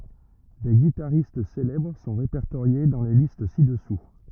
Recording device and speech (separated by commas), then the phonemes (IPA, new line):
rigid in-ear microphone, read sentence
de ɡitaʁist selɛbʁ sɔ̃ ʁepɛʁtoʁje dɑ̃ le list sidɛsu